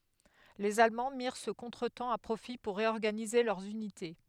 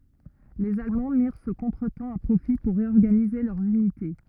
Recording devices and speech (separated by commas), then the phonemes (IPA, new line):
headset microphone, rigid in-ear microphone, read sentence
lez almɑ̃ miʁ sə kɔ̃tʁətɑ̃ a pʁofi puʁ ʁeɔʁɡanize lœʁz ynite